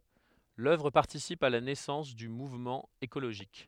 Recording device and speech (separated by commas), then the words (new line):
headset microphone, read sentence
L’œuvre participe à la naissance du mouvement écologiste.